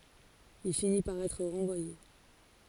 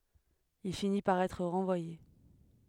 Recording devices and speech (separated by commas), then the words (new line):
forehead accelerometer, headset microphone, read sentence
Il finit par être renvoyé.